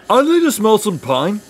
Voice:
funny voice